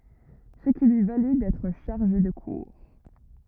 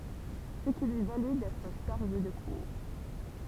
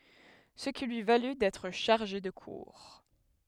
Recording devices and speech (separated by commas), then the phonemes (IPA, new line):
rigid in-ear microphone, temple vibration pickup, headset microphone, read sentence
sə ki lyi valy dɛtʁ ʃaʁʒe də kuʁ